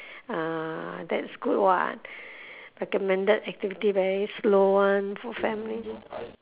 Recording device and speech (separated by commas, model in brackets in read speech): telephone, conversation in separate rooms